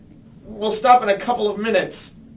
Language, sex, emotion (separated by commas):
English, male, angry